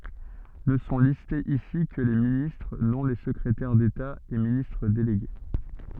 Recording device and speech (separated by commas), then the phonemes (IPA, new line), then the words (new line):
soft in-ear microphone, read sentence
nə sɔ̃ listez isi kə le ministʁ nɔ̃ le səkʁetɛʁ deta e ministʁ deleɡe
Ne sont listés ici que les ministres, non les secrétaires d'État et ministres délégués.